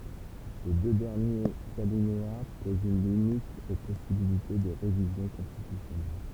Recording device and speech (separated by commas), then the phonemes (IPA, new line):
temple vibration pickup, read sentence
le dø dɛʁnjez alinea pozt yn limit o pɔsibilite də ʁevizjɔ̃ kɔ̃stitysjɔnɛl